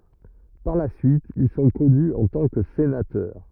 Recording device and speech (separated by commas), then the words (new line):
rigid in-ear microphone, read sentence
Par la suite, ils sont connus en tant que sénateurs.